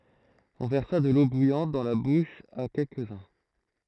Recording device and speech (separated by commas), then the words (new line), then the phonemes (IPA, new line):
throat microphone, read sentence
On versa de l'eau bouillante dans la bouche à quelques-uns.
ɔ̃ vɛʁsa də lo bujɑ̃t dɑ̃ la buʃ a kɛlkəzœ̃